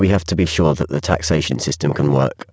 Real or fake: fake